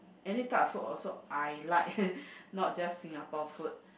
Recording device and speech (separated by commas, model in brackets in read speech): boundary microphone, conversation in the same room